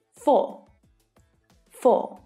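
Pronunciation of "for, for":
'For' is said twice in an Australian accent, with no r sound at the end. This matches the British pronunciation of the word.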